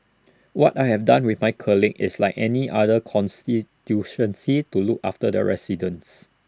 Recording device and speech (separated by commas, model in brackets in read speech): standing microphone (AKG C214), read sentence